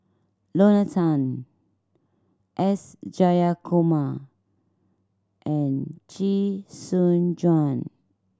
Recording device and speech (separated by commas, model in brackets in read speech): standing microphone (AKG C214), read sentence